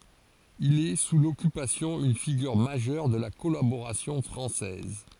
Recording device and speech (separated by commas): forehead accelerometer, read sentence